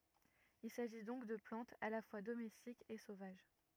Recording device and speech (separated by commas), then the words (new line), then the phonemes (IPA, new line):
rigid in-ear microphone, read sentence
Il s'agit donc de plantes à la fois domestiques et sauvages.
il saʒi dɔ̃k də plɑ̃tz a la fwa domɛstikz e sovaʒ